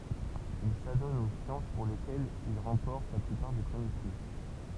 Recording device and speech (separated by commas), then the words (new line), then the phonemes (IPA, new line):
temple vibration pickup, read sentence
Il s'adonne aux sciences pour lesquelles il remporte la plupart des premiers prix.
il sadɔn o sjɑ̃s puʁ lekɛlz il ʁɑ̃pɔʁt la plypaʁ de pʁəmje pʁi